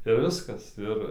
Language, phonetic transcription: Lithuanian, ir ˈviskas ˈir

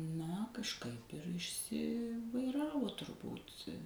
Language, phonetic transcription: Lithuanian, ˈna kažˈkaip ir išˈsivaiˌravo turˈbūt

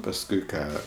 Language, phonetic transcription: Lithuanian, pasˈkui ˈką

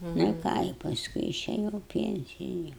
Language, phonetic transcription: Lithuanian, nu i ˈką i pasˈkui išeˈjau i ˈpienciju

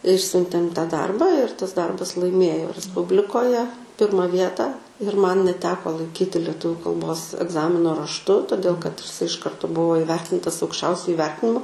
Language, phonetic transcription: Lithuanian, ˈišsiuntėm ta ˈdarba ir tas ˈdarbas laiˈmėjo resˈpublikoje ˈpirma ˈvietą ir man neˈteko laiˈkyti leˈtuvių kalˈbos egˈzamino rašˈtu toˈdėl kad iš ˈkarto ˈbuvo iˈvertintas aukšˈčiausiu iˈvertinimu

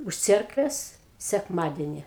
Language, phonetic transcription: Lithuanian, už ˈcerkvės sekˈmadeni

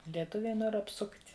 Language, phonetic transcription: Lithuanian, lieˈtuviai ˈnor apˈsukt'

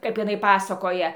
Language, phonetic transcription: Lithuanian, ˈkap iˈnai ˈpasakoja

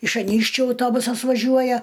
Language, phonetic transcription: Lithuanian, iš aˈnykščiu auˈtobusas vaˈžiuoja

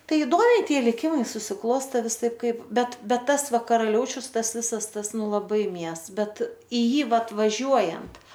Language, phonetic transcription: Lithuanian, ˈtai iˈdomiai ˈtie liˈkimai susiˈkloste viˈsaip ˈkaip ˈbet bet ˈtas ˈva karaˈliaučius ˈtas ˈvisas ˈtas ˈnu laˈbai ˈmies ˈbet i ˈjį ˈvat vaˈžiuojant

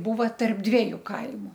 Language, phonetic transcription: Lithuanian, ˈbūva tarp ˈdvieju ˈkaimu

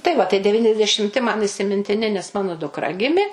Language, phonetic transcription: Lithuanian, tai ˈva tai deˈvyniasdešimˈti man įsimintiˈni nes ˈmano dukˈra ˈgimi

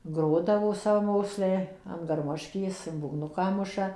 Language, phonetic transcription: Lithuanian, ˈgrodavo savaˈmoksliai an garˈmoškės ir būgˈnuką ˈmuša

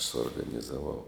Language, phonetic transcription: Lithuanian, suorganizaˈvau

